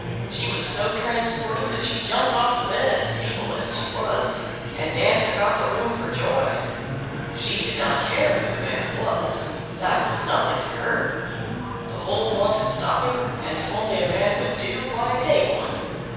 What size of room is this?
A large, very reverberant room.